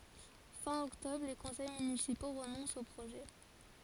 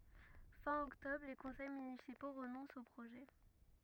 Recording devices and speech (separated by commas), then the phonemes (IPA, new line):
forehead accelerometer, rigid in-ear microphone, read sentence
fɛ̃ ɔktɔbʁ le kɔ̃sɛj mynisipo ʁənɔ̃st o pʁoʒɛ